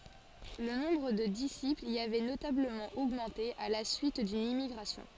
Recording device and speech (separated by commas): forehead accelerometer, read sentence